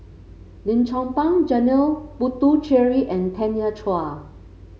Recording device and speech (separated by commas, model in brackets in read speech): mobile phone (Samsung C5), read sentence